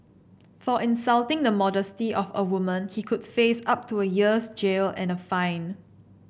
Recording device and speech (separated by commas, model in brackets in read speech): boundary microphone (BM630), read sentence